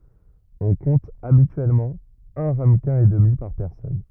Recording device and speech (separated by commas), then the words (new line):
rigid in-ear microphone, read sentence
On compte habituellement un ramequin et demi par personne.